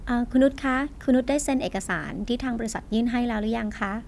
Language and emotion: Thai, neutral